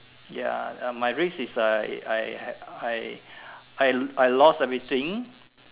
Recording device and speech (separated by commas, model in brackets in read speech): telephone, conversation in separate rooms